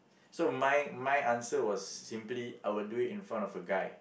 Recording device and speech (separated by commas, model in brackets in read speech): boundary microphone, conversation in the same room